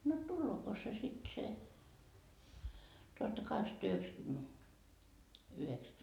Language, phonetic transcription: Finnish, no "tullooko se sit se , tuhattakaheksatta₍yheksäkymmene- , 'yheksä ?
- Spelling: no tuleeko se sitten se tuhattakahdeksansataayhdeksänkymmenen yhdeksän

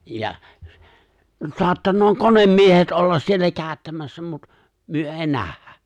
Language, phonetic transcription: Finnish, ja , (so̭attanoo) "konemmiehet 'ollas 'siellä "kääᵒ̈ttämässä mut , 'myö '’èi "nähhä .
- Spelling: ja saattaa konemiehet olla siellä käyttämässä mutta me ei nähdä

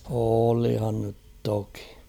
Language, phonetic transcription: Finnish, oolihan nyt 'toki .
- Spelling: olihan nyt toki

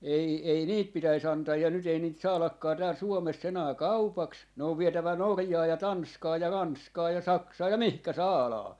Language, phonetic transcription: Finnish, 'ei , 'ei , 'niit "pitäis 'antaa ja nyt ‿ei niit 'saalakkaa tääl 'Suomes's ‿enää "kaupaks , ne ov 'vietävä 'Norjaa ja 'Tanskaa ja 'Ranskaa ja 'Saksaa ja "mihkä "saalaa .
- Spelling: ei ei niitä pitäisi antaa ja nyt ei niitä saadakaan täällä Suomessa enää kaupaksi ne on vietävä Norjaan ja Tanskaan ja Ranskaan ja Saksaan ja mihin saadaan

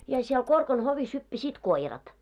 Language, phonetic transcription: Finnish, ja siel 'Korkan hovis hyppäsiit "koirat .
- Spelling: ja siellä Korkan hovissa hyppäsivät koirat

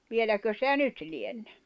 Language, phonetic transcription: Finnish, 'vieläkö sitä "nyt lienɴᴇ .
- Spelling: vieläkö sitä nyt lienee

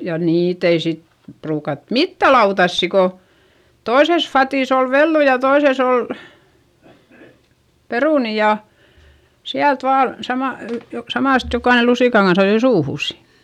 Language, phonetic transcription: Finnish, ja niit ‿ei sit , pruukat mittä lautassi ko , toises fatìs ‿ol vellu ja toises ‿ol , perùni ja , siält vaa , samal- , ly- jo- samàst jokaine lusìkaŋ kans ‿ajoi suuhùs .
- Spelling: ja niitä ei sitten ruukattu mitään lautasia kun toisessa vadissa oli vellu ja toisessa oli perunoita ja sieltä vain - - - samasta jokainen lusikan kanssa ajoi suuhunsa

